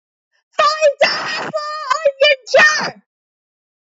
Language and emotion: English, neutral